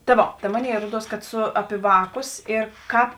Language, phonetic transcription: Lithuanian, ta ˈvo ta ˈmoˌnėi ˈruoˈduos kad ˈsu ˈapi ˈvāˌkus ir ˈkāp

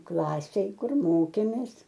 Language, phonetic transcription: Lithuanian, ˈklasėj ˈkur ˈmokėmės

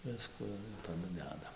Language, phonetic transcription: Lithuanian, ˈvisku ir taˈdu ˈdeda

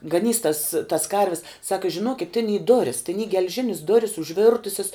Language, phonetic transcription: Lithuanian, gaˈnys tas tas ˈkarvis ˈsaka žiˈnokit tin y ˈdoris tin y gel'ˈžinis ˈdoris užˈvirtusis

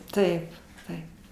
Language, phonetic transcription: Lithuanian, ˈtaip ˈtaip

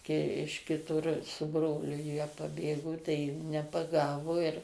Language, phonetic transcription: Lithuanian, kai iš kiˈtur su ˈbroliu jie paˈbėgo tai jų nepaˈgavo ir

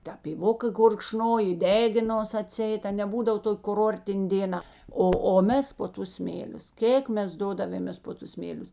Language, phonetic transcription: Lithuanian, te pyˈvoka gurkˈšnoj i ˈdeginos aˈtsieit a ne ˈbūdav ˈtok' kuˈrortin' dėˈna ˈo o ˈmes po ˈtus ˈsmėlius ˈkėk ˈmes ˈdodavėmės ˈpo ˌtus ˈsmėlius

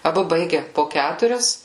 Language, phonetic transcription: Lithuanian, aˈbu ˈbaige po ˈkæturias

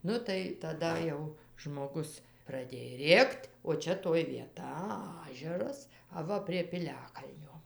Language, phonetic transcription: Lithuanian, ˈnu tai taˈda jau žmoˈgus praˈdėj ˈrėkt' o ˈčia toj vieˈta ˈažeras aˈva prie piˈliakalnio

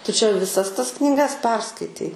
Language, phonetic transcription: Lithuanian, tu čia viˈsas ˈtas knyˈgas ˈperskaitei

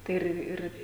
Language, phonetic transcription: Lithuanian, tai ˈir ˈ ir

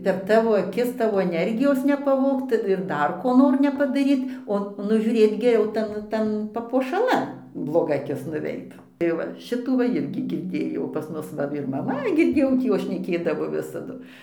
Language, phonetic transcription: Lithuanian, per ˈtavo aˈkis ˈtavo eˈnergijos nepaˈvogt ir ˈdar ko ˈnor nepadaˈryt o nužiūˈrėt geˈriau ˈtan ˈtan papuošaˈlan bloˈga aˈkis nuˈveit tai ˈva ˈšitų va ˈirgi girˈdėjau pas ˈmus va ir maˈma girˈdėjau ˈtį ˈjos šneˈkėdavo ˈvisadu

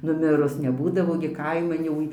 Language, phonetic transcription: Lithuanian, nuˈmirus neˈbūdavo gi ˈkaiman jau

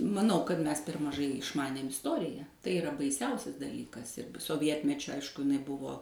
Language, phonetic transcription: Lithuanian, maˈnau kad ˈmes per maˈžai išˈmanėm isˈtorija tai iˈra baiˈsiausias daˈlykas ir soˈvietmečiu ˈaišku iˈnai ˈbuvo

